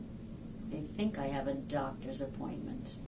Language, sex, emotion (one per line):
English
female
neutral